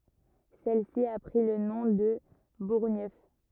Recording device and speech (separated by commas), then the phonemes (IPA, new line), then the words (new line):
rigid in-ear microphone, read sentence
sɛl si a pʁi lə nɔ̃ də buʁɲœf
Celle-ci a pris le nom de Bourgneuf.